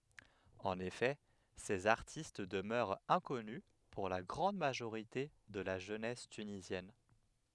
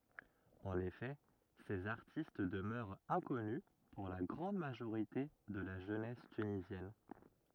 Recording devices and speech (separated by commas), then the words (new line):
headset microphone, rigid in-ear microphone, read sentence
En effet, ces artistes demeurent inconnus pour la grande majorité de la jeunesse tunisienne.